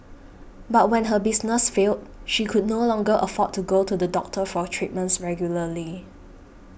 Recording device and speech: boundary microphone (BM630), read sentence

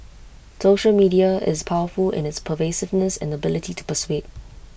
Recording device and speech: boundary microphone (BM630), read sentence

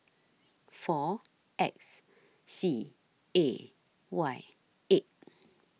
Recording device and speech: mobile phone (iPhone 6), read sentence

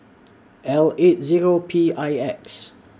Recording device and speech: standing microphone (AKG C214), read sentence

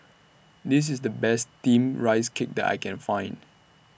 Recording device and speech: boundary microphone (BM630), read sentence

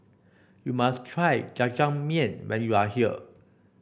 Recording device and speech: boundary microphone (BM630), read sentence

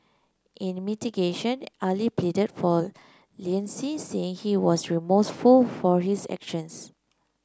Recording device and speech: close-talking microphone (WH30), read sentence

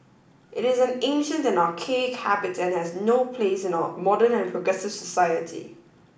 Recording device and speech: boundary microphone (BM630), read sentence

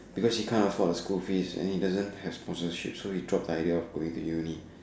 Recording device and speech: standing microphone, conversation in separate rooms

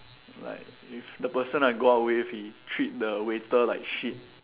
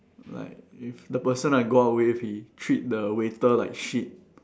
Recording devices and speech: telephone, standing microphone, conversation in separate rooms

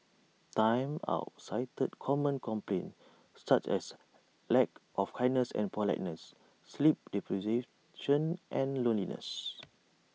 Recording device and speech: mobile phone (iPhone 6), read sentence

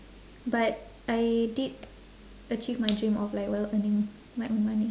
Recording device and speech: standing microphone, conversation in separate rooms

